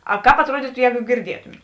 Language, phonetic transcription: Lithuanian, aˈkāp atˈruodytu ˈjēgu girˈdietumėt

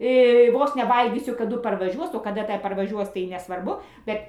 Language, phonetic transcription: Lithuanian, ˈvos ne ˈvalgysiu kaˈdu parvaˈžiuos o kaˈda ˈta parvaˈžiuos tai nesvarˈbu ˈbet

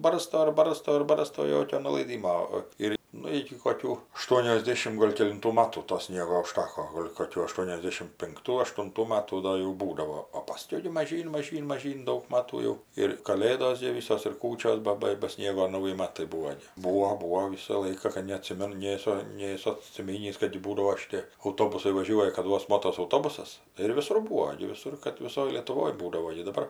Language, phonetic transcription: Lithuanian, ˈbarsto ir ˈbarsto ir ˈbarsto ˈjokio nulaiˈdymo o ˈir ˈnu iki koˈkių aˌštuonioˈsdėšimt ˈgol' kelinˈtų ˈmatų to ˈsniego uˈžtako ˈgol' koˈkių aˌštuoniosˈdėšim pinkˈtų aštunˈtų ˈmatų ˈdo jau ˈbūdavo o paˈskiau gi maˈžyn maˈžyn maˈžyn ˈdaug ˈmatų jau ir kaˈlėdos gi ˈvysos ir ˈkūčios ˈba ˈba ba ˈsniego ˈnauji ˈmatai ˈbūvo gi ˈbūvo ˈbūvo ˈvisa ˈlaika ka neaˈtsimenu ˈnėsu ˈnėsu atsiˈminįs kad ti ˈbūdavo šiˈtė auˈtobusai vaˈžiuoja kad ˈvos ˈmotos auˈtobusas ir viˈsur ˈbūo gi viˈsur kad viˈsoj lietuˈvoj ˈbūdavo gi daˈbar

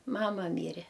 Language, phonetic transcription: Lithuanian, ˈmama ˈmyre

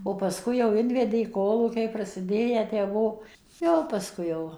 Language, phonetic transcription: Lithuanian, o paˈskui jau ˈinvedė ˈkolūkiai prasiˈdėję tę ˈbuo ˈjo paˈskui jau

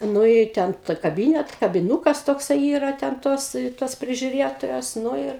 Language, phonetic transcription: Lithuanian, ˈnu i ˈten ta kaˈbynet kabiˈnūkas tokˈsai ˈyra ten ˈtos tos prižiuˈrėtojos ˈnu ir

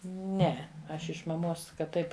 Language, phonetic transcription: Lithuanian, ˈne ˈaš iš maˈmos kad ˈtaip

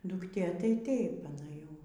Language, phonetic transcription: Lithuanian, dukˈtė tai ˈtaip aˈna ˈjau

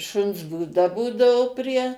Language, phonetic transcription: Lithuanian, ˈšuns būˈda ˈbūdavo prie

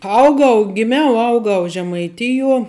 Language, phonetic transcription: Lithuanian, ˈaugau giˈmiau ˈaugau žemaiˈtijuo

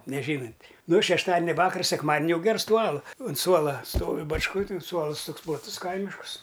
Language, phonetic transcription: Lithuanian, neˈžynunt' ˈnu šešˈtadinia ˈvakars sekˈmadni ˈjau ˈgers ˈtų ˈalu un ˈsuola ˈstovi bačˈkoj tin ˈsuolɨs ˈtoks plaˈtus ˈkaimiškus

